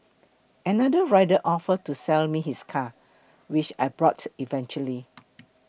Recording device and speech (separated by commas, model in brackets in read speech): boundary microphone (BM630), read sentence